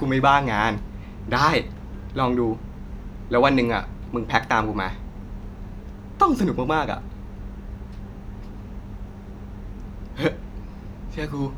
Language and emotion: Thai, happy